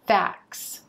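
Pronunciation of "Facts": In 'facts', the t sound disappears, so no t is heard between the k and the s.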